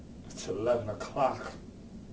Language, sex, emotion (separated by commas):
English, male, disgusted